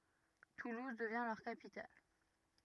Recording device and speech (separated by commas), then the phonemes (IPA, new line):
rigid in-ear microphone, read sentence
tuluz dəvjɛ̃ lœʁ kapital